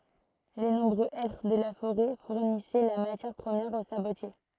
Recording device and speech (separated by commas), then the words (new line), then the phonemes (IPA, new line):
throat microphone, read sentence
Les nombreux hêtres de la forêt fournissaient la matière première aux sabotiers.
le nɔ̃bʁø ɛtʁ də la foʁɛ fuʁnisɛ la matjɛʁ pʁəmjɛʁ o sabotje